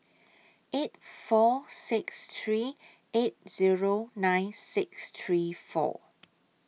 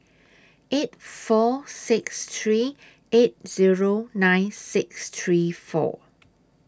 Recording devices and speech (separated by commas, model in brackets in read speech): mobile phone (iPhone 6), standing microphone (AKG C214), read sentence